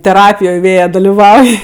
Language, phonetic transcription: Lithuanian, teˈrapijoj ˈvėja daliˈvauj

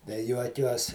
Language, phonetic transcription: Lithuanian, tai ˈjuokiuos

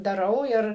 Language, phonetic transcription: Lithuanian, daˈrau ˈir

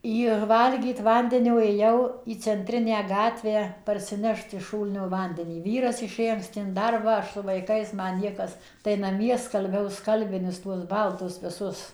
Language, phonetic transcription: Lithuanian, jir ˈvalgyt ˈvandenio ėˈjau į cenˈtrinę ˈgatvę parsiˈnešt iš ˈšūlnio ˈvandenį ˈvyras iˈšė anksˈti in ˈdarbą ˈaš su vaiˈkais ˈman ˈniekas tai naˈmie skalˈbiau ˈskalbinius tuos ˈbaltus viˈsus

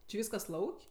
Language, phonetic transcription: Lithuanian, či ˈvyskas ˈlauk'

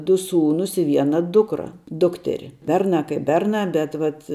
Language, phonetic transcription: Lithuanian, du ˈsūnūs i ˈviena ˈdukra ˈdukteri ˈbernā kaip ˈbernā ˈbet vat

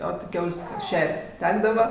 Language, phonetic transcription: Lithuanian, o ti ˈkiaul's' ˈšer't' ˈtekdava

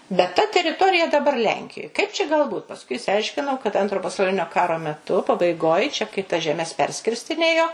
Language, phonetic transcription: Lithuanian, bet ta teriˈtorija daˈbar ˈlenkijoj ˈkaip čia gal ˈbūt pasˈkui išsiˈaiškinau kad ˈantro pasauˈlinio ˈkaro meˈtu pabaiˈgoj čia kai tas žeˈmes ˈperskirstinėjo

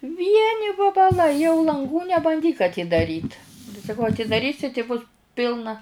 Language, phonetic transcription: Lithuanian, ˈvieni vabaˈlai jau lanˈgų nebanˈdyk atydaˈryt tai saˈkau atidaˈrysi ti bus ˈpilna

